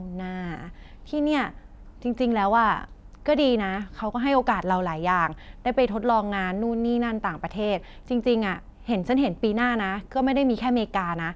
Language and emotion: Thai, neutral